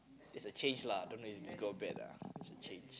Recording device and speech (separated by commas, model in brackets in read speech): close-talking microphone, conversation in the same room